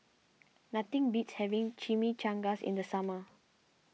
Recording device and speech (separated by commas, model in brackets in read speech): mobile phone (iPhone 6), read sentence